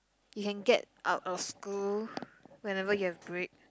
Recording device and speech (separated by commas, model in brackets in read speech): close-talking microphone, conversation in the same room